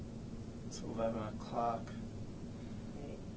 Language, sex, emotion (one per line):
English
male
sad